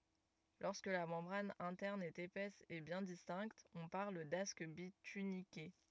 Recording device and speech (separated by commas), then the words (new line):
rigid in-ear microphone, read sentence
Lorsque la membrane interne est épaisse et bien distincte, on parle d'asque bituniqué.